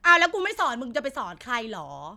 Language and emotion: Thai, frustrated